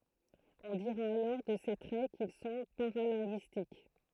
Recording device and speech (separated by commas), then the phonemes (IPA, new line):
throat microphone, read sentence
ɔ̃ diʁa alɔʁ də se tʁɛ kil sɔ̃ paʁalɛ̃ɡyistik